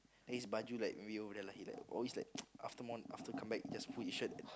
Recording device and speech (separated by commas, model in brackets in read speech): close-talking microphone, conversation in the same room